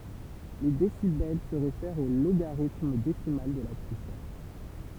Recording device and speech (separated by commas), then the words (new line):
temple vibration pickup, read sentence
Les décibels se réfèrent au logarithme décimal de la puissance.